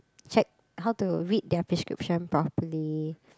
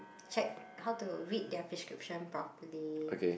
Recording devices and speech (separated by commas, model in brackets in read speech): close-talking microphone, boundary microphone, conversation in the same room